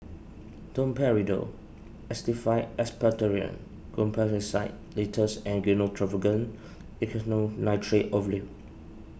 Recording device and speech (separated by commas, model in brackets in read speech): boundary microphone (BM630), read sentence